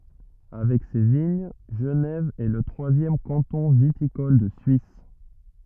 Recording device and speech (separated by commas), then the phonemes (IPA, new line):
rigid in-ear microphone, read sentence
avɛk se də viɲ ʒənɛv ɛ lə tʁwazjɛm kɑ̃tɔ̃ vitikɔl də syis